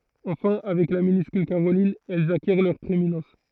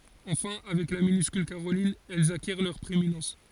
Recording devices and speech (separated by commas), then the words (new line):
throat microphone, forehead accelerometer, read sentence
Enfin, avec la minuscule caroline, elles acquièrent leur prééminence.